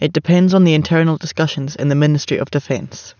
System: none